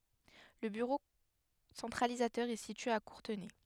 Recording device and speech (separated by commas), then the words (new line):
headset microphone, read sentence
Le bureau centralisateur est situé à Courtenay.